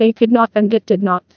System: TTS, neural waveform model